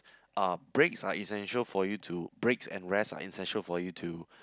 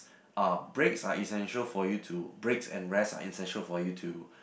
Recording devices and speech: close-talking microphone, boundary microphone, conversation in the same room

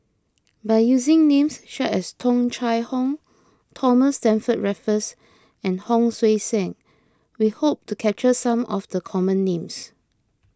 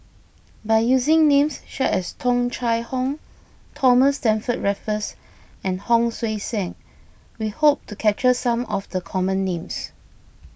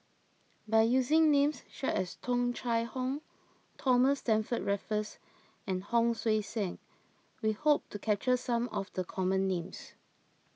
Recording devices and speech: close-talking microphone (WH20), boundary microphone (BM630), mobile phone (iPhone 6), read sentence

